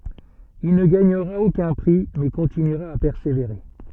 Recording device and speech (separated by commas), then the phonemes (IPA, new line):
soft in-ear microphone, read sentence
il nə ɡaɲəʁa okœ̃ pʁi mɛ kɔ̃tinyʁa a pɛʁseveʁe